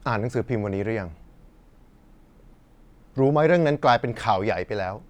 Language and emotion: Thai, frustrated